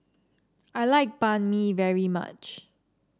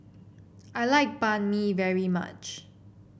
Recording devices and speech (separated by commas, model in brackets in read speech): standing microphone (AKG C214), boundary microphone (BM630), read sentence